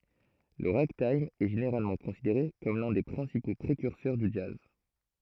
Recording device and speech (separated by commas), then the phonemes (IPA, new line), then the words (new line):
throat microphone, read sentence
lə ʁaɡtajm ɛ ʒeneʁalmɑ̃ kɔ̃sideʁe kɔm lœ̃ de pʁɛ̃sipo pʁekyʁsœʁ dy dʒaz
Le ragtime est généralement considéré comme l'un des principaux précurseurs du jazz.